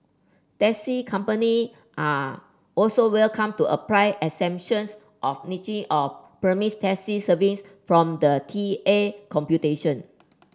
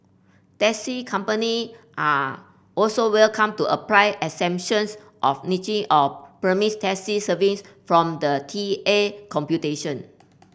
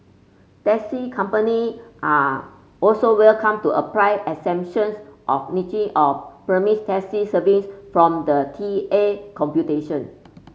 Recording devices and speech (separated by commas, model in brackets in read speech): standing microphone (AKG C214), boundary microphone (BM630), mobile phone (Samsung C5), read sentence